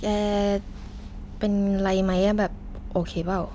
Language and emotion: Thai, frustrated